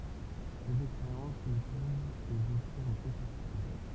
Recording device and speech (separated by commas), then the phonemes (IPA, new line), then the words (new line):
temple vibration pickup, read sentence
sez ɛkspeʁjɑ̃s nə pøv nuz ɔfʁiʁ okyn sɛʁtityd
Ces expériences ne peuvent nous offrir aucune certitude.